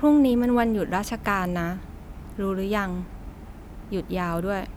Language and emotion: Thai, neutral